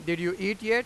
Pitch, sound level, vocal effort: 195 Hz, 99 dB SPL, very loud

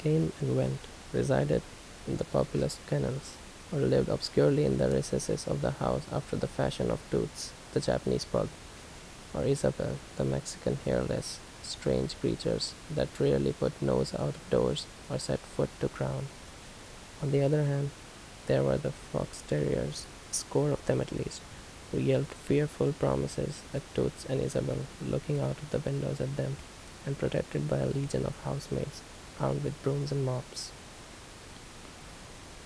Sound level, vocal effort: 73 dB SPL, soft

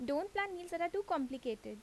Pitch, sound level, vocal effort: 335 Hz, 84 dB SPL, loud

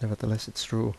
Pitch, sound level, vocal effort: 110 Hz, 77 dB SPL, soft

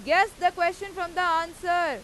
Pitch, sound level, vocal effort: 345 Hz, 102 dB SPL, very loud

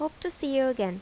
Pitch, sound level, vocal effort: 275 Hz, 84 dB SPL, normal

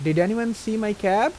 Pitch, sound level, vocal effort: 205 Hz, 87 dB SPL, normal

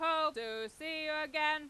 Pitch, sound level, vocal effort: 305 Hz, 103 dB SPL, very loud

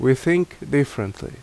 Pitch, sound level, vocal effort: 135 Hz, 80 dB SPL, very loud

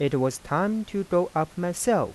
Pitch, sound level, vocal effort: 175 Hz, 88 dB SPL, soft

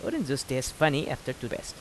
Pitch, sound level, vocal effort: 130 Hz, 84 dB SPL, normal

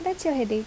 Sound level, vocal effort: 75 dB SPL, soft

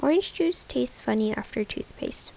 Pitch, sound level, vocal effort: 220 Hz, 75 dB SPL, soft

